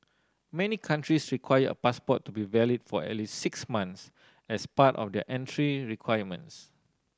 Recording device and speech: standing microphone (AKG C214), read sentence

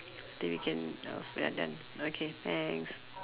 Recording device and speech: telephone, conversation in separate rooms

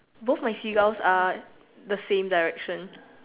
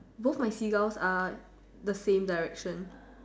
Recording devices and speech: telephone, standing microphone, conversation in separate rooms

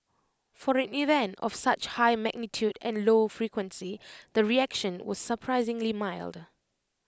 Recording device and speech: close-talking microphone (WH20), read sentence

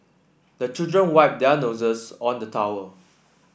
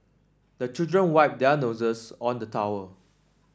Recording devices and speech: boundary microphone (BM630), standing microphone (AKG C214), read sentence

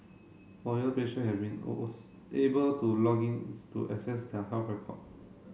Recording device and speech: mobile phone (Samsung C7), read sentence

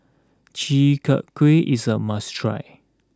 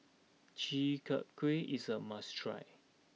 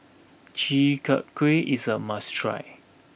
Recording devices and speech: close-talking microphone (WH20), mobile phone (iPhone 6), boundary microphone (BM630), read sentence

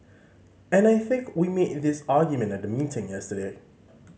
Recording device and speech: mobile phone (Samsung C5010), read sentence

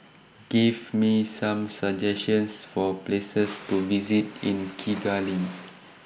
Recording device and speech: boundary microphone (BM630), read sentence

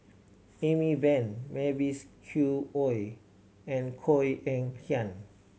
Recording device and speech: mobile phone (Samsung C7100), read sentence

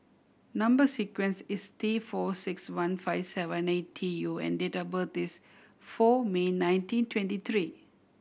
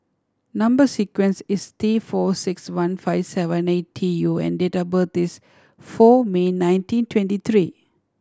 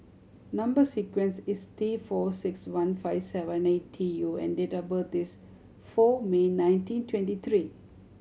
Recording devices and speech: boundary microphone (BM630), standing microphone (AKG C214), mobile phone (Samsung C7100), read sentence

